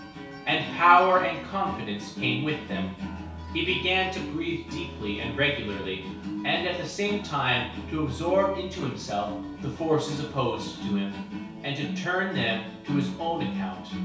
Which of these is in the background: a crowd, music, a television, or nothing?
Music.